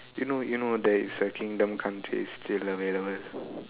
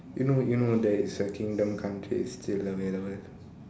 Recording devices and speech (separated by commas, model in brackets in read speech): telephone, standing microphone, conversation in separate rooms